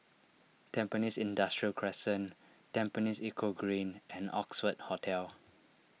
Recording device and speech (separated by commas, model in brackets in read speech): mobile phone (iPhone 6), read sentence